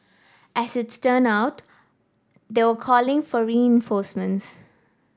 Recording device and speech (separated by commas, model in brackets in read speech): standing microphone (AKG C214), read sentence